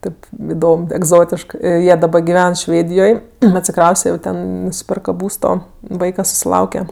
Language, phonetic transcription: Lithuanian, ˈtėp iˈdom egˈzotiškɜ ˈjie daˈba giˈven ˈšvėdijoj atsiˈkrauste jau ˈten nusiˈperka ˈbūsto ˈvaika susiˈlauke

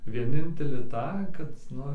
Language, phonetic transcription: Lithuanian, vieˈninteli ˈtą kad ˈnu

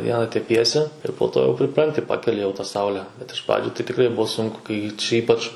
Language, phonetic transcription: Lithuanian, ˈviena teˈpiesi ir po ˈto jau priˈpranti ˈpakeli jau ta ˈsaule bet iš ˈpradžiu tai tiˈkrai ˈbuo ˈsunku kai čia ˈypač

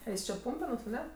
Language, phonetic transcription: Lithuanian, ˈeis čia ˈpūmpenuos aˈne

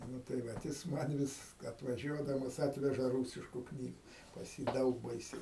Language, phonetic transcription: Lithuanian, ˈnu tai ˈvat jis ˈman vis atvaˈžiuodamas ˈatveža ˈrūsišku ˈknygu pas ˈjį ˈdaug ˈbaisiai

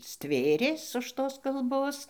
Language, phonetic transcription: Lithuanian, ˈstvėrės už ˈtos kalˈbos

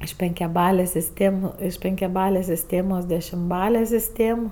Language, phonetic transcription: Lithuanian, iš penkiaˈbalės' sisˈtėm iš penkiaˈbalės' sisˈtėmos dešimˈbale sisˈtėm

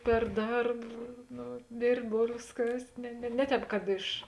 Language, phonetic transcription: Lithuanian, per ˈdarb ˈno ˈdėrbt' ˈbolvės ˈkast' ne ne ˈne ˌtēp kad ˈiš

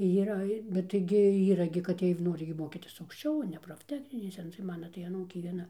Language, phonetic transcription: Lithuanian, yˈra bet taiˈgi ˈyra gi kad ˈjiej ˈnori gi ˈmokytis aukšˈčiau o ne profˈtechninėse tai ˈmana tai aˈnūkė vieˈna

